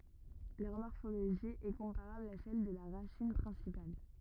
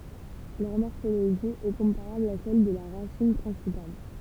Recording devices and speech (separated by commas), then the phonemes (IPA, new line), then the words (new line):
rigid in-ear microphone, temple vibration pickup, read sentence
lœʁ mɔʁfoloʒi ɛ kɔ̃paʁabl a sɛl də la ʁasin pʁɛ̃sipal
Leur morphologie est comparable à celle de la racine principale.